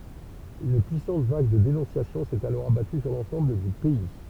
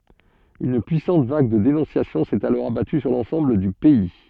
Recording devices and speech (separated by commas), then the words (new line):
temple vibration pickup, soft in-ear microphone, read sentence
Une puissante vague de dénonciations s’est alors abattue sur l’ensemble du pays.